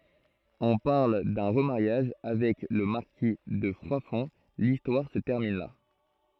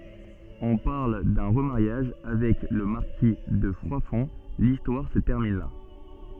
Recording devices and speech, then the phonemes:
throat microphone, soft in-ear microphone, read sentence
ɔ̃ paʁl dœ̃ ʁəmaʁjaʒ avɛk lə maʁki də fʁwadfɔ̃ listwaʁ sə tɛʁmin la

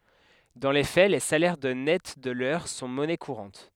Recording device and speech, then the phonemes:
headset microphone, read sentence
dɑ̃ le fɛ le salɛʁ də nɛt də lœʁ sɔ̃ mɔnɛ kuʁɑ̃t

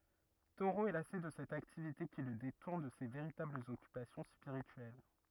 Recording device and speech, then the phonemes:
rigid in-ear microphone, read sentence
toʁo ɛ lase də sɛt aktivite ki lə detuʁn də se veʁitablz ɔkypasjɔ̃ spiʁityɛl

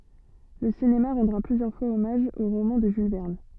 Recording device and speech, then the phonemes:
soft in-ear microphone, read sentence
lə sinema ʁɑ̃dʁa plyzjœʁ fwaz ɔmaʒ o ʁomɑ̃ də ʒyl vɛʁn

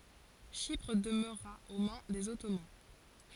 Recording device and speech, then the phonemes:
forehead accelerometer, read sentence
ʃipʁ dəmøʁa o mɛ̃ dez ɔtoman

